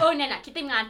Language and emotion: Thai, happy